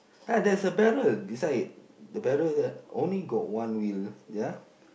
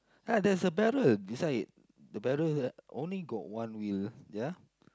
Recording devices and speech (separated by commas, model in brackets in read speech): boundary microphone, close-talking microphone, conversation in the same room